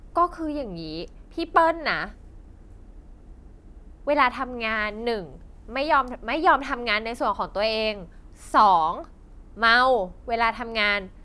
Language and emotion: Thai, frustrated